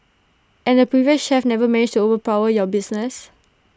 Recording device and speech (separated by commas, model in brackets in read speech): standing microphone (AKG C214), read sentence